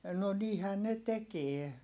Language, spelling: Finnish, no niinhän ne tekee
- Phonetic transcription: no niihän ne tekie .

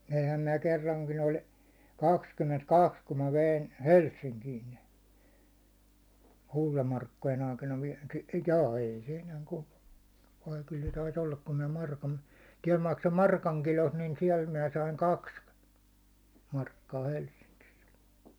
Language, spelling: Finnish, veinhän minä kerrankin oli kaksikymmentäkaksi kun minä vein Helsinkiin ne kultamarkkojen aikana - jaa ei se enää - vai kyllä se taisi olla kun minä markan täällä maksoin markan kilosta niin siellä minä sain kaksi markkaa Helsingissä
- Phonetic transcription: veihäm minä 'kerraŋkin 'oĺ , 'kakskymment'kaks kum mä 'vein̬ , "Helssiŋkiin ne , 'kultamarkkojen aikana vie- , 'jaa ei se enääŋ kultᴀ- , vai ky1 se 'tais ‿ollak kun minä 'markan , tiɛl makso "markäŋ 'kilost niin siɛl miⁿä saiŋ "kaks , 'markkaa 'Helssiŋkis .

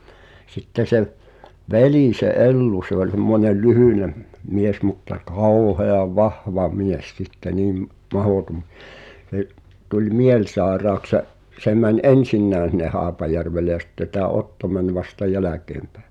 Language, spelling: Finnish, sitten se veli se Ellu se oli semmoinen lyhyt mies mutta kauhean vahva mies sitten niin mahdoton se tuli mielisairaaksi se se meni ensinnäkin sinne Haapajärvelle ja sitten tämä Otto meni vasta jälkeenpäin
- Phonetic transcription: 'sitte se’ , "velì se '’Ellu se ‿oĺ (s)emmońel 'lyhỳnem , 'mies mutta 'kauheav "vahva 'mies sitte niim , 'mahòtom , (s)e’ , tuĺ 'mielsaeraaks (sə’) , se mäń "’ensinnään̬ (s)inne 'Haapajärvele ʲᵃ sⁱtte tää 'Otto mäń vasta "jälä̀keempᴀ̈ᴀ̈ .

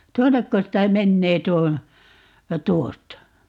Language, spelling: Finnish, tuonnekos tämä menee tuo tuosta
- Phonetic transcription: "tuonnekkos 'tää 'mennee 'tuo , "tuosta ?

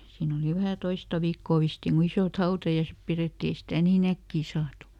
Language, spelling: Finnish, siinä oli vähän toista viikkoa vissiin kun isot hautajaiset pidettiin ei sitä niin äkkiä saatu
- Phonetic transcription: ˈsiin ‿oli ˈvähä "toista viikkò ˈvistiin ku ˈisòt "hautajaisep ˈpirètti ˈei stä̀ nii"n ‿äkkii ˈsaatu .

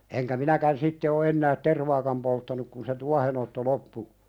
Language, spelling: Finnish, enkä minäkään sitten ole enää tervaakaan polttanut kun se tuohenotto loppui
- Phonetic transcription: eŋkä 'minäkän sitte o ennäät "tervaakam polttanuk kun se 'tuahenotto "loppu ,.

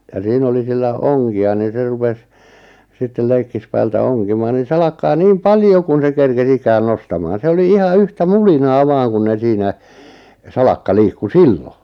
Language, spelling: Finnish, ja siinä oli sillä onkia niin se rupesi sitten leikkipäällä onkimaan niin salakkaa niin paljon kuin se kerkesi ikään nostamaan se oli ihan yhtä mulinaa vain kun ne siinä salakka liikkui silloin
- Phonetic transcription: ja 'siin ‿oli 'sillä "oŋki₍a nin̬ 'se rupes , 'sittel 'leikkispäältä 'oŋkimaan nin̬ 'salakkaa "niim "paljo kun̬ 'se 'kerke's ‿ikään 'nostamaan 'se oli "iha "yhtä "mulinaa "vaaŋ kun 'ne 'siinä , 'salakka 'liikku "sillo .

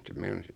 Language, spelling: Finnish, se meinasi
- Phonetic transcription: 'se meinas ,.

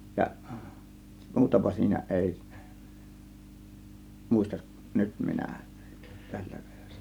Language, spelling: Finnish, ja muutapa siinä ei muista nyt minä tällä kertaa
- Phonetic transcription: jaˀ , 'muutapa siinä 'ˀèi , 'mùistaˀ , "nyt 'minä , tÄLLÄ kE(RtOO) .

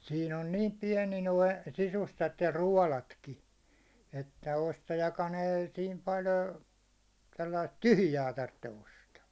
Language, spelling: Finnish, siinä on niin pieni nuo sisustat ja ruodotkin että ostajakaan ei siinä paljon - sellaista tyhjää tarvitse ostaa
- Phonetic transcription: siin ‿on 'niim 'piɛni noi , 'sisustat ja 'ruålatki , että 'ostajaka'n ‿ei sim pal ‿ə , sellaist "tyhʸjä tartte 'ostaa .

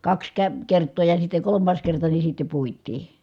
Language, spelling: Finnish, kaksi - kertaa ja sitten kolmas kerta niin sitten puitiin
- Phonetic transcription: kaks kə- , kert̀oo ja sitte kolommaas kerta ni sitte puit̆tii .

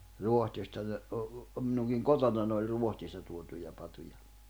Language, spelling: Finnish, Ruotsista ne - minunkin kotonani oli Ruotsista tuotuja patoja
- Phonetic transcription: 'Ruohtista ne , ə , 'minuŋkiŋ "kotonan ‿oĺ 'Ruohtista tuotuja pato̭ja .

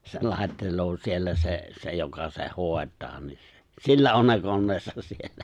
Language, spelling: Finnish, se laittelee siellä se se joka sen hoitaa niin sillä on ne koneensa siellä
- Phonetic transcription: se 'lài̬ttel̀oo siellä 'se , 'se joka seh "hòet̀aa ni , 'sillä on ne 'konneesas 'siellä .

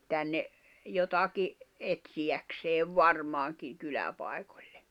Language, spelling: Finnish, tänne jotakin etsiäkseen varmaankin kyläpaikoille
- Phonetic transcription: 'tänne , "jotaki , 'etsiʲäkseev "varmaaŋkiŋ 'kyläpaekᴏʟ̀ʟᴇ .

